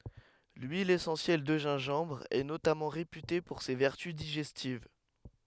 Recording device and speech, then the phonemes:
headset microphone, read sentence
lyil esɑ̃sjɛl də ʒɛ̃ʒɑ̃bʁ ɛ notamɑ̃ ʁepyte puʁ se vɛʁty diʒɛstiv

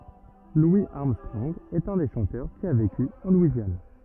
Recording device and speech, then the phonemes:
rigid in-ear microphone, read sentence
lwi aʁmstʁɔ̃ɡ ɛt œ̃ de ʃɑ̃tœʁ ki a veky ɑ̃ lwizjan

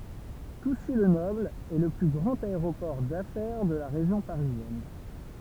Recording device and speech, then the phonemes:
temple vibration pickup, read sentence
tusy lə nɔbl ɛ lə ply ɡʁɑ̃t aeʁopɔʁ dafɛʁ də la ʁeʒjɔ̃ paʁizjɛn

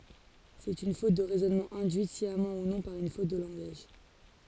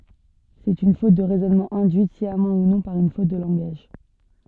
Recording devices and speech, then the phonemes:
forehead accelerometer, soft in-ear microphone, read sentence
sɛt yn fot də ʁɛzɔnmɑ̃ ɛ̃dyit sjamɑ̃ u nɔ̃ paʁ yn fot də lɑ̃ɡaʒ

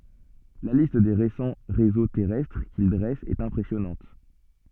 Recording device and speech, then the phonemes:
soft in-ear microphone, read sentence
la list de ʁesɑ̃ ʁezo tɛʁɛstʁ kil dʁɛst ɛt ɛ̃pʁɛsjɔnɑ̃t

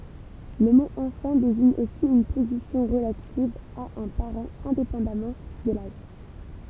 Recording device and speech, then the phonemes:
temple vibration pickup, read sentence
lə mo ɑ̃fɑ̃ deziɲ osi yn pozisjɔ̃ ʁəlativ a œ̃ paʁɑ̃ ɛ̃depɑ̃damɑ̃ də laʒ

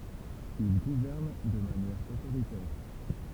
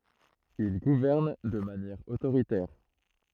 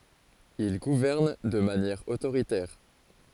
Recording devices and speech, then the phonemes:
temple vibration pickup, throat microphone, forehead accelerometer, read sentence
il ɡuvɛʁn də manjɛʁ otoʁitɛʁ

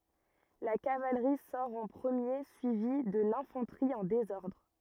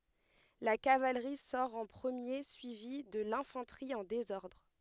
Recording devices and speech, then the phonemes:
rigid in-ear microphone, headset microphone, read sentence
la kavalʁi sɔʁ ɑ̃ pʁəmje syivi də lɛ̃fɑ̃tʁi ɑ̃ dezɔʁdʁ

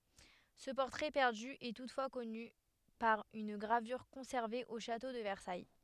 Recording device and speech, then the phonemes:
headset microphone, read sentence
sə pɔʁtʁɛ pɛʁdy ɛ tutfwa kɔny paʁ yn ɡʁavyʁ kɔ̃sɛʁve o ʃato də vɛʁsaj

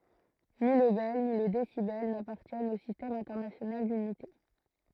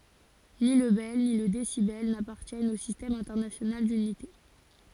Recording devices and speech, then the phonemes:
throat microphone, forehead accelerometer, read sentence
ni lə bɛl ni lə desibɛl napaʁtjɛnt o sistɛm ɛ̃tɛʁnasjonal dynite

